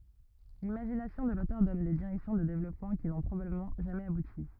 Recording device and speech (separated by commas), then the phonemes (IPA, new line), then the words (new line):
rigid in-ear microphone, read sentence
limaʒinasjɔ̃ də lotœʁ dɔn de diʁɛksjɔ̃ də devlɔpmɑ̃ ki nɔ̃ pʁobabləmɑ̃ ʒamɛz abuti
L'imagination de l'auteur donne des directions de développement qui n'ont probablement jamais abouti.